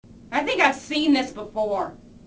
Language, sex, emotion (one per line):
English
female
angry